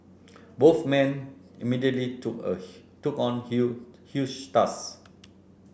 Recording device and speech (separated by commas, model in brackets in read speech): boundary microphone (BM630), read sentence